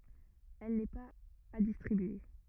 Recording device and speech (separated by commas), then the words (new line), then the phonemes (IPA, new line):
rigid in-ear microphone, read sentence
Elle n’est pas à distribuer.
ɛl nɛ paz a distʁibye